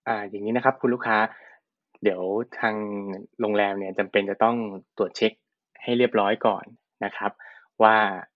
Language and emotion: Thai, neutral